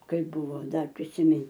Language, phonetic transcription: Lithuanian, ˈkaip ˈbuvo ˈdar prisiˈmin

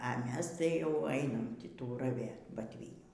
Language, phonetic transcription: Lithuanian, a ˈmes ˈtai jau ˈainam ˈtį ˈtų raˈvėt batˈvynių

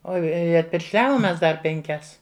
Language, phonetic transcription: Lithuanian, ˈo ˈi atpiršˈliavom ˈmes ˈdar penˈkias

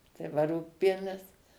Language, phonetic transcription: Lithuanian, tai ˈva ˈrūgpienis

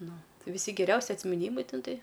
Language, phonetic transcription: Lithuanian, ˈnu viˈsi geˈriausi atsmiˈnymai ˈten ˈtai

